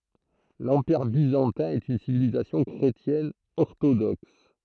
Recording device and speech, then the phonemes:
throat microphone, read sentence
lɑ̃piʁ bizɑ̃tɛ̃ ɛt yn sivilizasjɔ̃ kʁetjɛn ɔʁtodɔks

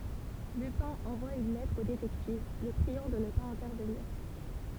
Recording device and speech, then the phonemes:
temple vibration pickup, read sentence
lypɛ̃ ɑ̃vwa yn lɛtʁ o detɛktiv lə pʁiɑ̃ də nə paz ɛ̃tɛʁvəniʁ

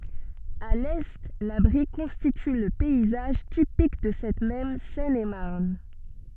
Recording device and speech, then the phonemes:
soft in-ear microphone, read sentence
a lɛ la bʁi kɔ̃stity lə pɛizaʒ tipik də sɛt mɛm sɛnemaʁn

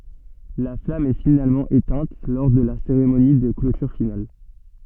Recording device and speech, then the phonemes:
soft in-ear microphone, read sentence
la flam ɛ finalmɑ̃ etɛ̃t lɔʁ də la seʁemoni də klotyʁ final

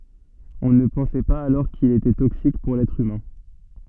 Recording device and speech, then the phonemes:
soft in-ear microphone, read sentence
ɔ̃ nə pɑ̃sɛ paz alɔʁ kil etɛ toksik puʁ lɛtʁ ymɛ̃

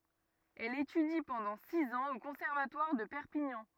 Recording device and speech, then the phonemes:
rigid in-ear microphone, read sentence
ɛl etydi pɑ̃dɑ̃ siz ɑ̃z o kɔ̃sɛʁvatwaʁ də pɛʁpiɲɑ̃

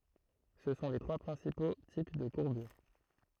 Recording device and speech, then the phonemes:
throat microphone, read sentence
sə sɔ̃ le tʁwa pʁɛ̃sipo tip də kuʁbyʁ

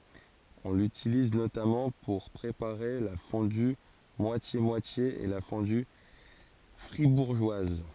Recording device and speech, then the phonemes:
forehead accelerometer, read sentence
ɔ̃ lytiliz notamɑ̃ puʁ pʁepaʁe la fɔ̃dy mwasjemwatje e la fɔ̃dy fʁibuʁʒwaz

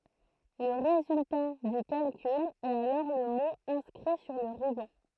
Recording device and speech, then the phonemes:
throat microphone, read sentence
lə ʁezylta dy kalkyl ɛt alɔʁ lə mo ɛ̃skʁi syʁ lə ʁybɑ̃

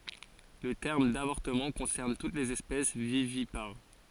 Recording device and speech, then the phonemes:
forehead accelerometer, read sentence
lə tɛʁm davɔʁtəmɑ̃ kɔ̃sɛʁn tut lez ɛspɛs vivipaʁ

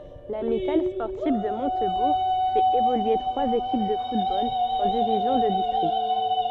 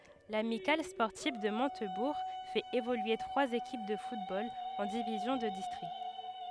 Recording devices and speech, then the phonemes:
soft in-ear microphone, headset microphone, read sentence
lamikal spɔʁtiv də mɔ̃tbuʁ fɛt evolye tʁwaz ekip də futbol ɑ̃ divizjɔ̃ də distʁikt

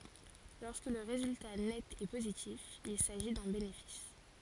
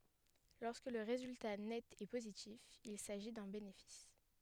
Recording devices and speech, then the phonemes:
forehead accelerometer, headset microphone, read sentence
lɔʁskə lə ʁezylta nɛt ɛ pozitif il saʒi dœ̃ benefis

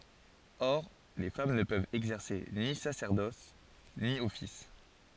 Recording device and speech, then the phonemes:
forehead accelerometer, read sentence
ɔʁ le fam nə pøvt ɛɡzɛʁse ni sasɛʁdɔs ni ɔfis

